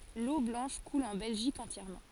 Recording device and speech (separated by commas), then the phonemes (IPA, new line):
forehead accelerometer, read sentence
lo blɑ̃ʃ kul ɑ̃ bɛlʒik ɑ̃tjɛʁmɑ̃